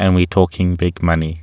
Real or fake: real